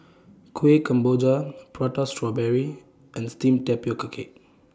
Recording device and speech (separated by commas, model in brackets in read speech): standing microphone (AKG C214), read sentence